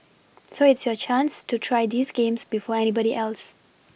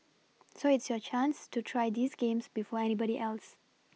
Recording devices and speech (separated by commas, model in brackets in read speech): boundary microphone (BM630), mobile phone (iPhone 6), read sentence